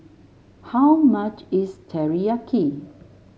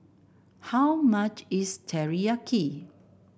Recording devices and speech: mobile phone (Samsung S8), boundary microphone (BM630), read sentence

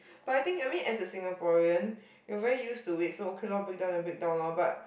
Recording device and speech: boundary microphone, conversation in the same room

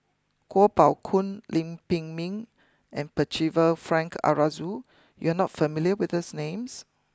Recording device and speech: close-talking microphone (WH20), read sentence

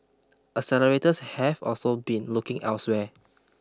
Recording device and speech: close-talking microphone (WH20), read sentence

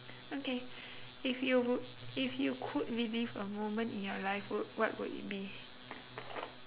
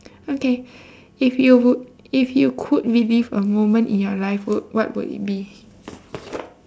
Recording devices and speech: telephone, standing microphone, conversation in separate rooms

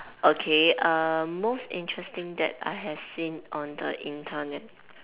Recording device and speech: telephone, conversation in separate rooms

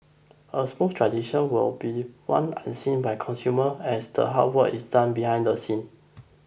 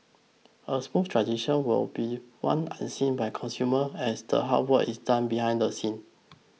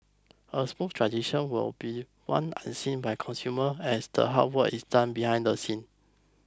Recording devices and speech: boundary microphone (BM630), mobile phone (iPhone 6), close-talking microphone (WH20), read sentence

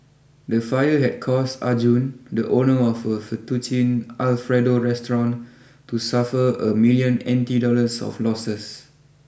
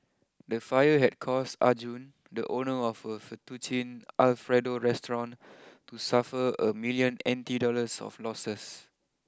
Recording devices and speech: boundary microphone (BM630), close-talking microphone (WH20), read sentence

